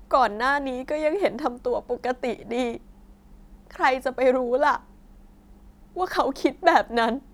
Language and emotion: Thai, sad